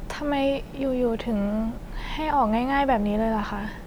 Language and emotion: Thai, frustrated